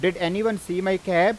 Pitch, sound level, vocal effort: 185 Hz, 94 dB SPL, loud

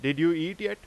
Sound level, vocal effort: 94 dB SPL, very loud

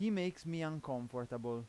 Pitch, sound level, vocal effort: 140 Hz, 90 dB SPL, loud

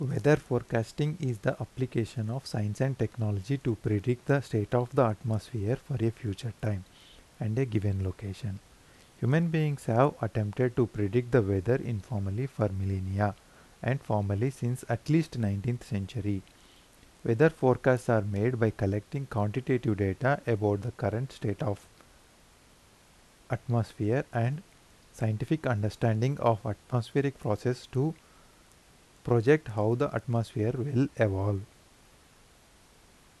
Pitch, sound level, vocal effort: 115 Hz, 81 dB SPL, normal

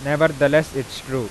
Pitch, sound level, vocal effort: 145 Hz, 94 dB SPL, loud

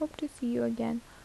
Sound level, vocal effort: 75 dB SPL, soft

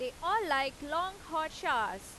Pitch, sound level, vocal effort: 335 Hz, 94 dB SPL, loud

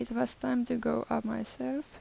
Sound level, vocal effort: 82 dB SPL, soft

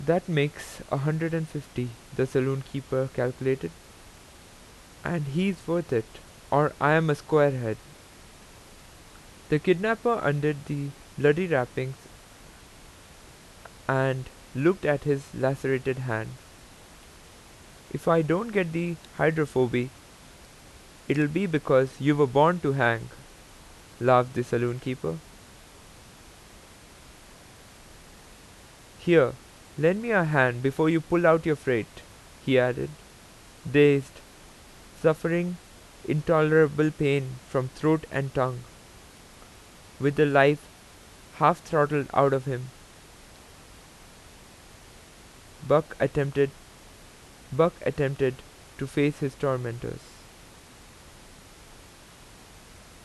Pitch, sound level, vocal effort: 140 Hz, 85 dB SPL, normal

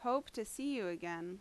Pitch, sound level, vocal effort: 225 Hz, 85 dB SPL, loud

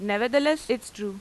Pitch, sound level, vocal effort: 235 Hz, 91 dB SPL, loud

